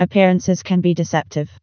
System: TTS, vocoder